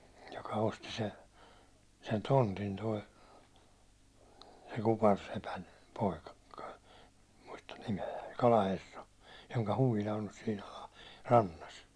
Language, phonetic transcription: Finnish, joka osti se- , sen 'tontin toi , se kuparsepän , 'poika kᴜkᴀ , muistan 'nime₍ä , 'kalaherra , joŋka 'huvila on ɴʏs sin , alaa- , 'rannas .
- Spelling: joka osti - sen tontin tuo se kuparisepän poika koko muistan nimeä kalaherra jonka huvila on nyt siinä - alarannassa

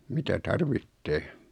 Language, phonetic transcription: Finnish, 'mitä "tarvittee .
- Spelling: mitä tarvitsee

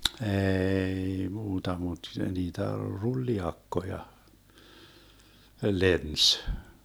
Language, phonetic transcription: Finnish, 'eei 'muuta mut 'niitä "rulli₍'akkoja , 'lens .
- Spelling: ei muuta mutta niitä trulliakkoja lensi

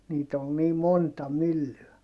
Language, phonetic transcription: Finnish, niit ‿ol nii monta myllyä .
- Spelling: niitä oli niin monta myllyä

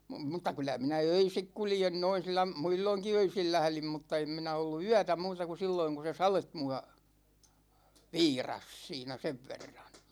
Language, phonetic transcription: Finnish, mᵘt̆ta 'kylä minä "öisik 'kuljen noin̬ silla- , "muilloŋki 'öisil 'lählim mutta 'em minä ollu "yätä muuta ku 'silloiŋ ku se "salet mua , "viiras 'siinä 'sev verraN .
- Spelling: mutta kyllä minä öisin kuljen noin - muulloinkin öisin lähdin mutta en minä ollut yötä muuta kuin silloin kun se sade minua viirasi siinä sen verran

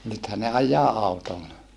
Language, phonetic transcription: Finnish, nythä ne aj̀aa àutolla .
- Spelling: nythän ne ajaa autolla

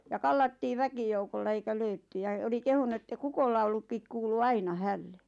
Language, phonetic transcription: Finnish, ja 'kallattii "väkijoukolla eikä 'löytty ja oli 'kehunu että "kukollaulukkik 'kuulu "aina "hälle .
- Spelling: ja kallattiin väkijoukolla eikä löydetty ja oli kehunut että kukonlaulukin kuului aina hänelle

